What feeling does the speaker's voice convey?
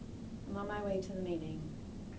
neutral